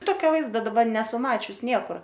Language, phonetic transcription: Lithuanian, ˈtokio ˈvaizda daˈba ˈnesu ˈmačius ˈniekur

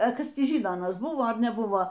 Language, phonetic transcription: Lithuanian, a ˈkas ˈtį ˈžyno aˈnasˈ buvo ar neˈbuvo

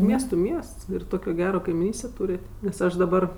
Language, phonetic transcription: Lithuanian, ˈmiestu ˈmiests ir ˈtokio ˈgero kaimiˈnystė ˈtūrėt' nes ˈaš daˈbar

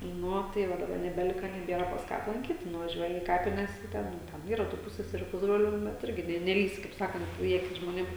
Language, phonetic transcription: Lithuanian, ˈnu o tai ˈva daˈba nebeˈlika neˈbiera pas ˈką aplanˈkyt nuvaˈžiuoji į ˈkapines i ˈten ten ˈyra tų ˈpusseseriu ˈpusbroliu bet ˈirgi ne neˈlįsi kaip ˈsakant į ˈakis žmoˈnėm

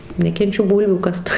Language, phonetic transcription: Lithuanian, nekenˈčiu ˈbūlvių ˈkast

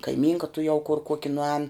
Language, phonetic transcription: Lithuanian, kaiˈmynka tuˈjau kur ˈkuoki nuˈēn

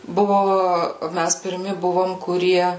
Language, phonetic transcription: Lithuanian, ˈbuvo ˈmæs pirˈmi ˈbuvom kuˈrie

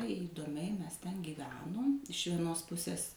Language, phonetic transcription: Lithuanian, įdoˈmiai ˈmes ten gyˈvenom iš vieˈnos ˈpusės

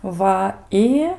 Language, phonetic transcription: Lithuanian, ˈva ˈi

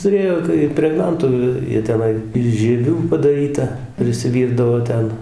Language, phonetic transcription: Lithuanian, tuˈrėjo tai impregˈnantu ˈjie ˈteˈnai iš žieˈvių padaˈryta prisiˈvyrdavo ˈten

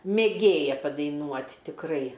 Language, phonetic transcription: Lithuanian, mėˈgėja padaiˈnuot' tikˈrai

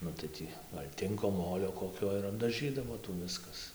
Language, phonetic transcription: Lithuanian, ˈnu tai ˈtį ˈgal' ˈtinko ˈmolio koˈkio ir apdaˈžydavo ˈtų ˈviskas

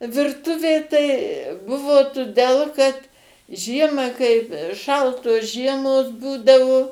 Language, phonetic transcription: Lithuanian, virˈtuvė tai ˈbuvo tuˈdel kad ˈžiemą kaip ˈšaltos ˈžiemos ˈbūdavo

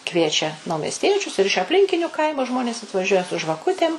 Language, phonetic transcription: Lithuanian, ˈkviečia naumesˈtiečius ir iš apˈlinkiniu ˈkaimu ˈžmonės atvaˈžiuoja su žvaˈkutėm

